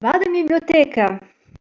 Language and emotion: Italian, happy